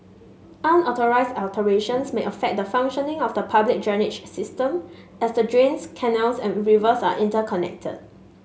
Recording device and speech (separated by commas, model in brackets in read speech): mobile phone (Samsung S8), read sentence